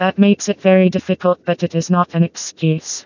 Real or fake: fake